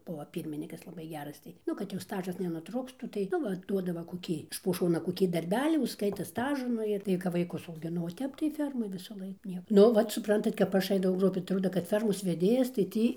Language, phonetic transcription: Lithuanian, ˈbuvo ˈpyrminykas laˈbai ˈgeras tai ˈnu kad jau ˈstažas nenuˈtruktų tai ˈnu ˈva ˈduodavo koˈkį iš po ˈšona koˈkį darˈbelį užˈskaita ˈstažu ˈnu ir ˈtai kap vaiˈkus augiˈnau o ˈtep tai ˈfermoj visaˈlaik ˈnie ˈnu ˈvat supˈrantat kap ˈaš ˈaidavau atˈroda kad ˈfermos veˈdėjas tai ˈtį

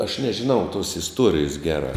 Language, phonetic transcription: Lithuanian, aš nežiˈnau tuos isˈtuorijus ˈgeˌrā

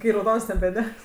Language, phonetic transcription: Lithuanian, kai rauˈdons nebeˈdegs

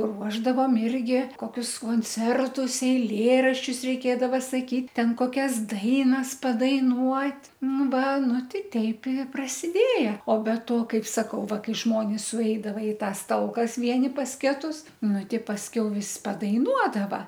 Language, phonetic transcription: Lithuanian, ˈruošdavom ˈirgi ˈkoˈkius konˈcertus eiˈlėraščius reiˈkėdava saˈkyt' ˈten koˈkias ˈdainas padaiˈnuot' ˈnu ˈva ˈnu ˈtei ˈteip i prasiˈdėja o be ˈto ˈkaip saˈkau ˈva ˈkai ˈžmonis suˈeidava i ˈtąs ˈtalkas ˈvieni ˈpas ˈketus ˈnu ˈtei pasˈkiau ˈvis padaiˈnuodava

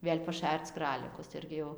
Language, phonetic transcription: Lithuanian, ˈvėl' paˈšærc ˈkralikus ˈirgi jau

